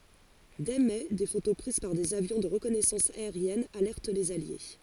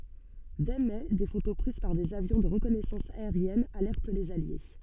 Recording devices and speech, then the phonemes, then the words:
forehead accelerometer, soft in-ear microphone, read sentence
dɛ mɛ de foto pʁiz paʁ dez avjɔ̃ də ʁəkɔnɛsɑ̃s aeʁjɛn alɛʁt lez alje
Dès mai des photos prises par des avions de reconnaissance aérienne alertent les alliés.

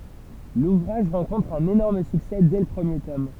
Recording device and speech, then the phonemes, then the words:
temple vibration pickup, read sentence
luvʁaʒ ʁɑ̃kɔ̃tʁ œ̃n enɔʁm syksɛ dɛ lə pʁəmje tɔm
L'ouvrage rencontre un énorme succès dès le premier tome.

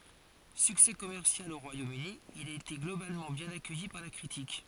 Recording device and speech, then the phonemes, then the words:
forehead accelerometer, read sentence
syksɛ kɔmɛʁsjal o ʁwajomøni il a ete ɡlobalmɑ̃ bjɛ̃n akœji paʁ la kʁitik
Succès commercial au Royaume-Uni, il a été globalement bien accueilli par la critique.

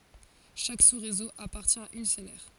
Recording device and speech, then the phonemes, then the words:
forehead accelerometer, read sentence
ʃak susʁezo apaʁtjɛ̃ a yn sœl ɛʁ
Chaque sous-réseau appartient à une seule aire.

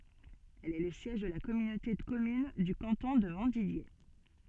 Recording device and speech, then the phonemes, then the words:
soft in-ear microphone, read sentence
ɛl ɛ lə sjɛʒ də la kɔmynote də kɔmyn dy kɑ̃tɔ̃ də mɔ̃tdidje
Elle est le siège de la communauté de communes du canton de Montdidier.

